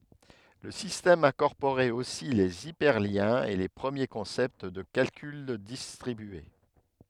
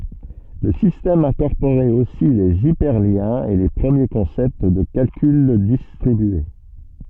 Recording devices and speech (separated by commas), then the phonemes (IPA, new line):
headset microphone, soft in-ear microphone, read sentence
lə sistɛm ɛ̃kɔʁpoʁɛt osi lez ipɛʁljɛ̃z e le pʁəmje kɔ̃sɛpt də kalkyl distʁibye